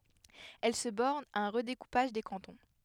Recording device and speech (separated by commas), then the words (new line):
headset microphone, read sentence
Elle se borne à un redécoupage des cantons.